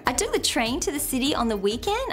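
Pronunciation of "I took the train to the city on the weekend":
This is a statement, not a question, but the intonation rises at the end. The rise is a bit exaggerated.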